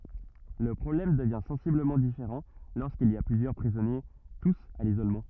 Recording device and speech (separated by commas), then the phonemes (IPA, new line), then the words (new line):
rigid in-ear microphone, read sentence
lə pʁɔblɛm dəvjɛ̃ sɑ̃sibləmɑ̃ difeʁɑ̃ loʁskilz i a plyzjœʁ pʁizɔnje tus a lizolmɑ̃
Le problème devient sensiblement différent lorsqu'ils y a plusieurs prisonniers tous à l'isolement.